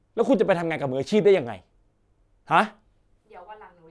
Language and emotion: Thai, angry